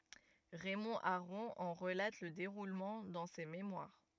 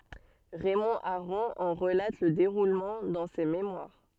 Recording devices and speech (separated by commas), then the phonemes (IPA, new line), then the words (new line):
rigid in-ear microphone, soft in-ear microphone, read sentence
ʁɛmɔ̃ aʁɔ̃ ɑ̃ ʁəlat lə deʁulmɑ̃ dɑ̃ se memwaʁ
Raymond Aron en relate le déroulement dans ses mémoires.